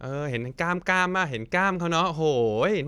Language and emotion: Thai, happy